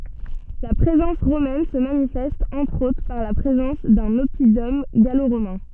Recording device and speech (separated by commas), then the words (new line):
soft in-ear microphone, read sentence
La présence romaine se manifeste entre autres par la présence d'un oppidum gallo-romain.